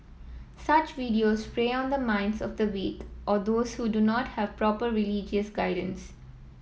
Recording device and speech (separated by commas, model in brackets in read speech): mobile phone (iPhone 7), read sentence